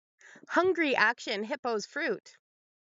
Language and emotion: English, happy